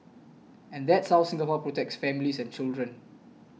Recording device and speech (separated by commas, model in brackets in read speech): mobile phone (iPhone 6), read sentence